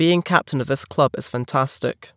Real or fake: real